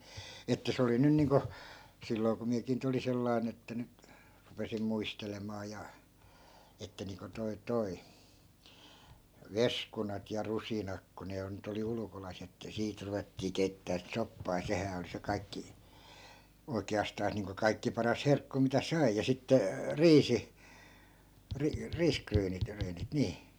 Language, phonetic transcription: Finnish, että 'se oli 'nyn niiŋko , 'silloi̮ ku 'miäkii nyt ‿olin 'sellai̮n ‿että nyt , 'rupesim 'muistelemaa ja , että niiŋko toi 'toi , "veskunat ja 'rusinak ku ne (on) 'nyt ‿oli 'ulᵘkolai̮s ‿että 'siit ruvettii 'kei̮ttää siᵗ 'soppaa ja "sehää oli se 'kai̮kki , 'oike₍astaas niiŋko 'kaikki 'paras "herkku mitä "sai ja 'sitte , "riisi , ri- , 'riiskryynit , -ryynit 'nii .
- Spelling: että se oli nyt niin kuin silloin kun minäkin nyt olin sellainen että nyt rupesin muistelemaan ja että niin kuin tuo tuo veskunat ja rusinat kun ne on nyt oli ulkolaisia että siitä ruvettiin keittämään sitä soppaa ja sehän oli se kaikki oikeastaan niin kuin kaikkein paras herkku mitä sai ja sitten riisi - riisiryynit ryynit niin

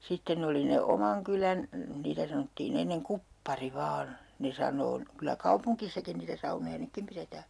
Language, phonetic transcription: Finnish, 'sitten ‿oli ne "omaŋ kylän , 'niitä sanottiin ‿enneŋ "kuppari 'vaan , 'ne saǹoo n(y) , kylä "kaupuŋkissakin niitä 'saunoja 'nykkim piretää .
- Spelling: sitten oli ne oman kylän niitä sanottiin ennen kuppari vain ne sanoo nyt kyllä kaupungissakin niitä saunoja nytkin pidetään

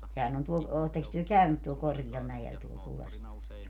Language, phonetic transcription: Finnish, 'sehän ‿on 'tuo , 'ootteks työ "käynyt tuol 'korGi₍al 'mäjel tuol 'Kullasvuɔres ?
- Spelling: sehän on tuo olettekos te käynyt tuolla korkealla mäellä tuolla Kullasvuoressa

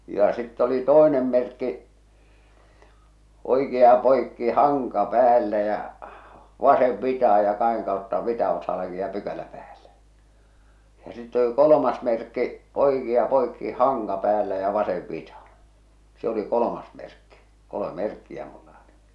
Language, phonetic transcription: Finnish, ja 'sitt ‿oli "tòenem merkki , 'oikea poikki 'haŋka 'päällä jä͔ , 'vasev 'vitaha ja 'kaheŋ kàotta 'vita oksalla kiiⁿⁱ ja 'pykälä päälle , ja sitte oli "kolomas merkki , "oikia 'poikki "haŋka 'päällä ja "vasev 'vitahaa̰ , se oli "kolomas merkki , 'koloᵐᵉ "merkkiä mulla oli .
- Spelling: ja sitten oli toinen merkki oikea poikki hanka päällä ja vasen vitaan ja kahden kautta vita oksalla kiinni ja pykälä päälle ja sitten oli kolmas merkki oikea poikki hanka päällä ja vasen vitaan se oli kolmas merkki kolme merkkiä minulla oli

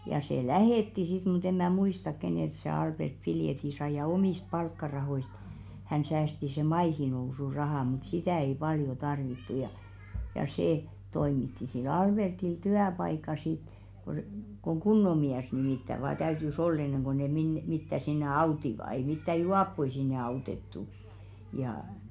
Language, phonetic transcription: Finnish, ja 'se "lähètti sit mu't ‿em mä "muistak 'kenèlt se 'Alʙert "piljeti 'sai ja "omìst 'palkkarahoist , hän säästi se "maihinousurahà mŭt "sitä̀ ei 'paljo 'tarvittu ja , ja 'sè , toimitti sil "Alʙertil "tyäpaika sit , ko , koŋ "ɢunno miäs nimìttä vaa 'täyty"s ‿ol 'enneŋ ɢo ne minne- mittä sinne "autiva ei mittä "juappoi sinne 'autettu , ja .
- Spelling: ja se lähetti sitten mutta en minä muistan keneltä se Albert piletin sai ja omista palkkarahoista hän säästi sen maihinnousurahan mutta sitä ei paljon tarvittu ja ja se toimitti sille Albertille työpaikan sitten kun kun kunnon mies nimittäin vain täytyi olla ennen kuin ne - mitään sinne auttoivat ei mitään juoppoja sinne autettu ja

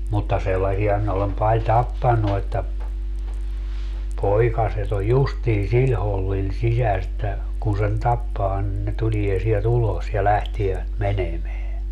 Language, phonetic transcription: Finnish, mutta 'sellasia minä olem 'paĺ "tappannu että , 'poikaset ‿o "justii 'siĺ hollil 'sisäs ‿että , kun sen 'tappaa nin ne 'tulie siel"t ‿ulos ja 'lähtievät "menemeä .
- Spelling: mutta sellaisia minä olen paljon tappanut että poikaset on justiin sillä hollilla sisässä että kun sen tappaa niin ne tulee sieltä ulos ja lähtevät menemään

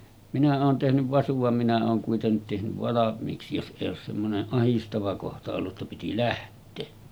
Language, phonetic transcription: Finnish, minä oon tehnyv 'vasuv vam minä oon kuitennit tehnyv 'valam̆miiksi jos ’èij ‿oos semmoneˀ 'ˀahistava kohta ollu ‿tta piti 'läht̆tee .
- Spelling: minä olen tehnyt vasun vaan minä olen kuitenkin tehnyt valmiiksi jos ei ole semmoinen ahdistava kohta ollut jotta piti lähteä

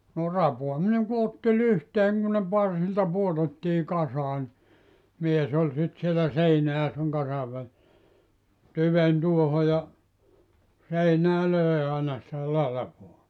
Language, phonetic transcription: Finnish, no "rapoamineŋ ku 'otti "lyhteeŋ kun ne "parsilta 'puotettii 'kasaa ni , 'mies ‿oĺ 'sit sielä "seinä ja seŋ 'kasav väli[ssä] , 'tyven 'tuoho ja , 'seinää "lö̀e àena sⁱtä "lalᵃvoa .
- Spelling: no rapaaminen kun otti lyhteen kun ne parsilta pudotettiin kasaan niin mies oli sitten siellä seinän ja sen kasan välissä tyven tuohon ja seinään löi aina sitä latvaa

